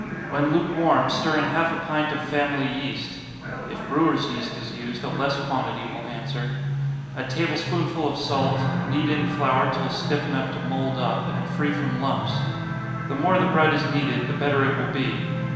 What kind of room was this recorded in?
A large, very reverberant room.